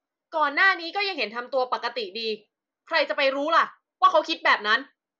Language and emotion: Thai, angry